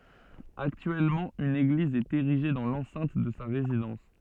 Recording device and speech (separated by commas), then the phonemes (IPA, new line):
soft in-ear microphone, read sentence
aktyɛlmɑ̃ yn eɡliz ɛt eʁiʒe dɑ̃ lɑ̃sɛ̃t də sa ʁezidɑ̃s